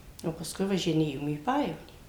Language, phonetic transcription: Lithuanian, o pasˈkui važiˈnėjom į ˈpajevonį

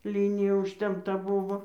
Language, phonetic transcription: Lithuanian, ˈlynija užtempˈta ˈbuvo

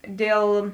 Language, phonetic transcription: Lithuanian, ˈdėl

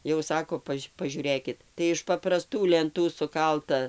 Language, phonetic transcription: Lithuanian, jau ˈsako ˈpaž' paˈžiūrėkit tai iš papraˈstų lenˈtų suˈkalta

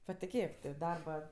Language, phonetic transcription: Lithuanian, patiˈkėk ti ˈdarba

